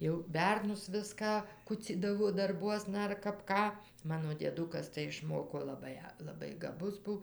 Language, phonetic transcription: Lithuanian, jau ˈbernus ˈviską ˈkucydavo darˈbuosna ar kap ˈką ˈmano dieˈdukas tai išˈmoko laˈbai laˈbai gaˈbus ˈbu

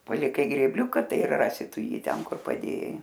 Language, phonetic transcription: Lithuanian, paliˈkai grėbˈliuka ˈtai ir ˈrasi ˈtu ˈjį ˈten ˈkur paˈdėjai

